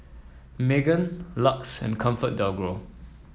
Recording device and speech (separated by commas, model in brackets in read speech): mobile phone (iPhone 7), read sentence